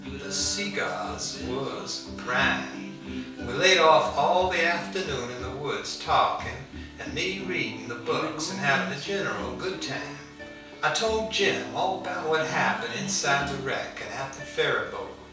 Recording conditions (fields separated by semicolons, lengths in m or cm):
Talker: one person; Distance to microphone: 3.0 m; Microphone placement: far; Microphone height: 1.8 m; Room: small (3.7 m by 2.7 m); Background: music